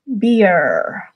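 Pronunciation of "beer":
'Beer' is said with an American pronunciation, with the r pronounced.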